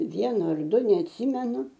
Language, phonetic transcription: Lithuanian, ˈvienu ar ˈdu neatˈsymenu

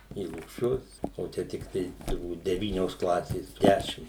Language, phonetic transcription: Lithuanian, į lukˈšius o ˈčia tikˈtai turˈbūt deˈvynios ˈklasės ˈdešim

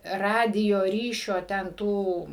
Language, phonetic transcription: Lithuanian, ˈradijo ˈryšio ten ˈtų

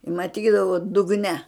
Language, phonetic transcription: Lithuanian, maˈtydavu dugˈne

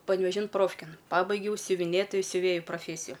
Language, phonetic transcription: Lithuanian, panˈvežin ˈprofkėn ˈpabaigiau siuviˈnėtoju siuˈvėju proˈfėsiju

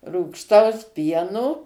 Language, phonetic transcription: Lithuanian, rūgšˈtaus ˈpieno

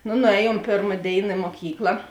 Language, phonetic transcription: Lithuanian, no nuˈēˌjuom ˈpėrma ˈdėina i moˈkykla

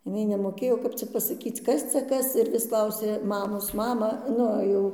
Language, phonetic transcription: Lithuanian, jiˈnai nemoˈkėjo kap ˈcia pasaˈkyc ˈkas cia ˈkas ir vis ˈklausė ˈmamos ˈmamą ˈnu jau

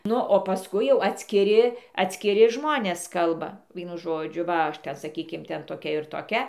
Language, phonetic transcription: Lithuanian, ˈnu o paˈskui jau atskiˈri atskiˈri ˈžmonės ˈkalba ˈvienu ˈžodžiu va ˈaš ˈten saˈkykim ˈten toˈkia ir toˈkia

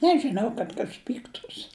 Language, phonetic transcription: Lithuanian, ˈnežinau kad ˈkas ˈpyktūs

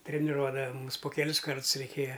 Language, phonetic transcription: Lithuanian, treniˈruodava ˈmumis po keˈlis ˈkarts reiˈkėja

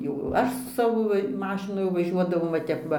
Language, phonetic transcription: Lithuanian, jau ˈaš su ˈsavo ˈmašinu jau vaˈžiuodavau va ˈtep ˈva

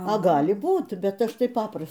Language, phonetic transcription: Lithuanian, a ˈgali ˈbūt ˈbet ˈaš tai ˈpapras

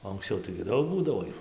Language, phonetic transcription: Lithuanian, o anksˈciau taigi ˈdaug ˈbūdavo ˈjų

